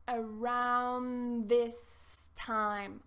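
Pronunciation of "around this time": In 'around this time', the d at the end of 'around' is not pronounced, and the words are connected together without stopping.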